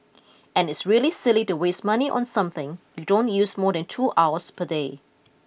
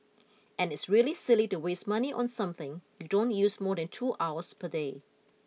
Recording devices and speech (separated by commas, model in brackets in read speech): boundary microphone (BM630), mobile phone (iPhone 6), read sentence